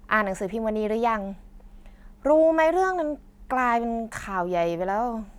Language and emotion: Thai, frustrated